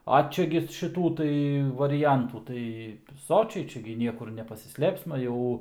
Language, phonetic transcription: Lithuanian, a ˈčia gi šiˈtų tai variˈjantų tai ˈsočiai ˈčia gi ˈniekur nepasiˈslėpsma ˈjau

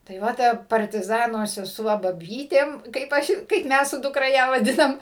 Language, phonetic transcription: Lithuanian, tai ˈva ˈta partiˈzano seˈsuo baˈbytėm kaip ˈaš kaip ˈmæs su dukˈra ˈją vaˈdinam

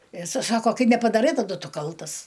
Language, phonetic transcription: Lithuanian, i iˈsai ˈsako ˈkai nepadaˈrai taˈdu ˈtu ˈkaltas

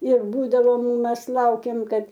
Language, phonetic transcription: Lithuanian, ir ˈbūdavom ˈmes ˈlaukėm ˈkad

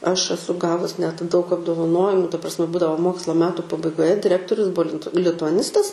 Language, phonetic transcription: Lithuanian, ˈaš aˈsu ˈgavus net daug apdovaˈnojimu ta prasˈme ˈbūdavo ˈmoksla ˈmetu pabaigoˈje diˈrektorius ˈbua lint lituaˈnistas

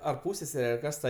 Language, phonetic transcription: Lithuanian, ar ˈpūssesere ar ˈkas ta

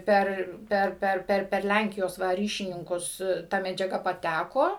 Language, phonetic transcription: Lithuanian, ˈper ˈper ˈper ˈper per ˈlænkijos ˈva ˈryšininkus ˈta medžiaˈga paˈtæko

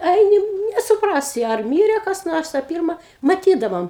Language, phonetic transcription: Lithuanian, ˈaini nesuˈprasi ar ˈmyre kas ˈnors a ˈpirma maˈtydavom

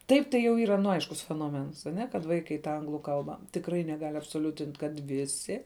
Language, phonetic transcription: Lithuanian, ˈtaip tai jau ˈyra nu ˈaiškus fenoˈmens aˈne kad ˈvaikai ta ˈanglu ˈkalba tikˈrai neˈgal' absoˈliutint' kad ˈvisi

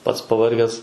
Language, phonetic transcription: Lithuanian, ˈpats pavarˈges

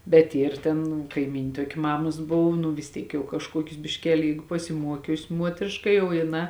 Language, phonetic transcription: Lithuanian, bet ˈyr ˈtėn kaiˈmyn' ˈtuoki ˈmamas ˈbov nu vis ˈtyk jau kažˈkuokius bišˈkeli ˈjeigu pasiˈmuokius' ˈmuotrėška ˈjau jiˈnā

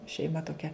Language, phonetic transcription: Lithuanian, šeiˈma toˈkia

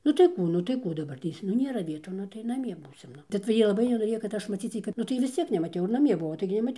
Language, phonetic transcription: Lithuanian, nu tai ˈkų nu tai ˈkų daˈbartės nu ˈnėra ˈvietų ˈnu tai naˈmie ˈbūsim ˈnu tai cia ˈjie laˈbai nenoˈrėjo kad ˈaš maˈcyc ˈjai kad nu ˈtai vis ˈciek nemaˈtiau ir naˈmie ˈbuvo ˈtaigi nemaˈtiau

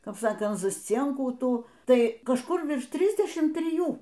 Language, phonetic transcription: Lithuanian, ˈkap ˈsakant zasˈcienkų ˈtų ˈtai kažˈkur ˈvirš ˈtrisdešim triˈjų

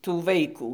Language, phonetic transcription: Lithuanian, tų ˈvaikų

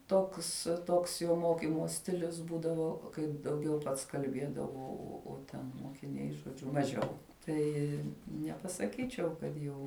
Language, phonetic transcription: Lithuanian, ˈtoks ˈtoks jo ˈmokimo ˈstilius ˈbūdavo kaip dauˈgiau ˈpats kalˈbėdavo ˈo o ˈten mokiˈniai žoˈdžiu maˈžiau ˈtai nepasaˈkyčiau kad ˈjau

